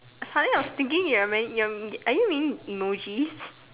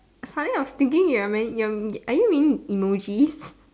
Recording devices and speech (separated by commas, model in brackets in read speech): telephone, standing microphone, conversation in separate rooms